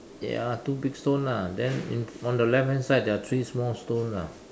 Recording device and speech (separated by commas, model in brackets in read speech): standing microphone, conversation in separate rooms